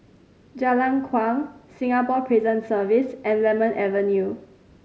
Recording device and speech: mobile phone (Samsung C5010), read sentence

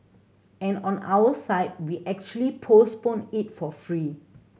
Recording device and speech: mobile phone (Samsung C7100), read sentence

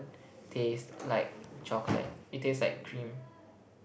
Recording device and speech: boundary microphone, conversation in the same room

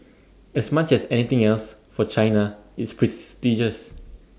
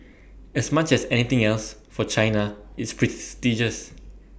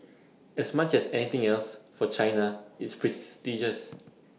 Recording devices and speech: standing microphone (AKG C214), boundary microphone (BM630), mobile phone (iPhone 6), read sentence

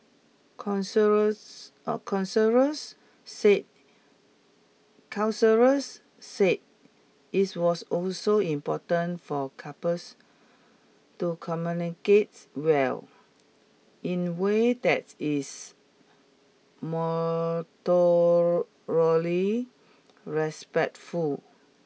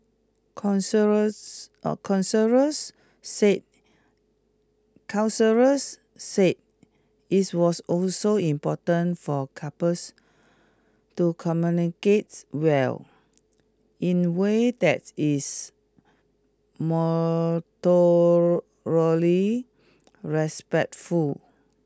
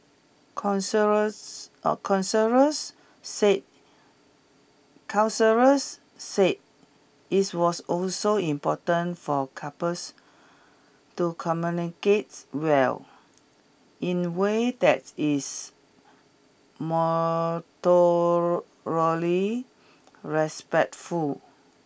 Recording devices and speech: mobile phone (iPhone 6), close-talking microphone (WH20), boundary microphone (BM630), read sentence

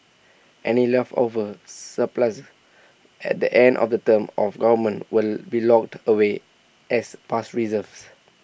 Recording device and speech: boundary microphone (BM630), read sentence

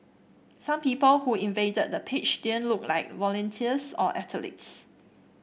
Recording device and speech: boundary microphone (BM630), read sentence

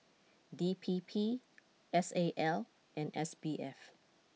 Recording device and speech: mobile phone (iPhone 6), read sentence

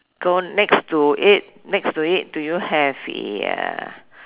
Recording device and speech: telephone, conversation in separate rooms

